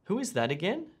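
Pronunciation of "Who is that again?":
'Who is that again?' is a request for clarification and is said with slightly rising intonation.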